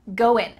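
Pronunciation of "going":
In 'going', the g at the end is cut off.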